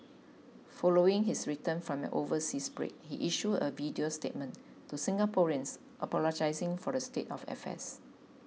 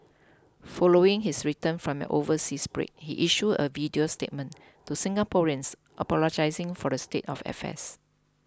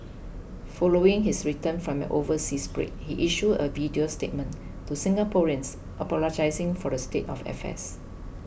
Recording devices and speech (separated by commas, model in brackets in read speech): mobile phone (iPhone 6), close-talking microphone (WH20), boundary microphone (BM630), read sentence